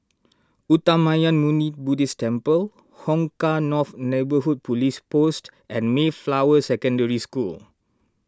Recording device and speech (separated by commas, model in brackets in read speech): standing microphone (AKG C214), read sentence